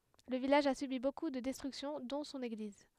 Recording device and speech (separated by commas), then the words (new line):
headset microphone, read sentence
Le village a subi beaucoup de destructions, dont son église.